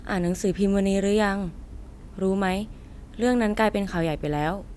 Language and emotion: Thai, neutral